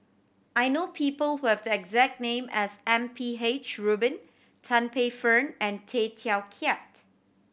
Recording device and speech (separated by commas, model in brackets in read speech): boundary microphone (BM630), read sentence